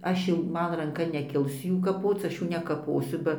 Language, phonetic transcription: Lithuanian, ˈaš jau ˈman ranˈka neˈkils ˈjų kaˈpoc ˈaš ˈjų nekaˈposiu ˈba

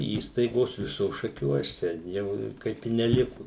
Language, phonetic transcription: Lithuanian, ˈįstaigos ˈvisos šaˈkiuos ten ˈjau ˈkaip i neˈliku

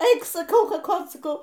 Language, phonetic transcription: Lithuanian, ˈeik saˈkau kaˈkot saˈkau

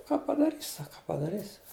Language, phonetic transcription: Lithuanian, ką padaˈrys' ˈsaka ką padaˈrys'

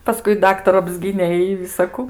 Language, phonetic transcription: Lithuanian, paˈskui ˈdaktaru apˈsgynė i visaˈku

